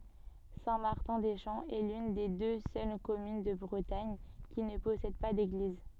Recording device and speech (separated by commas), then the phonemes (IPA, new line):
soft in-ear microphone, read sentence
sɛ̃ maʁtɛ̃ de ʃɑ̃ ɛ lyn de dø sœl kɔmyn də bʁətaɲ ki nə pɔsɛd pa deɡliz